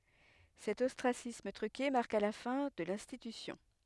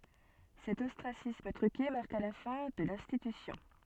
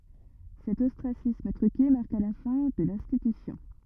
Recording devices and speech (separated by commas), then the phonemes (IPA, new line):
headset microphone, soft in-ear microphone, rigid in-ear microphone, read sentence
sɛt ɔstʁasism tʁyke maʁka la fɛ̃ də lɛ̃stitysjɔ̃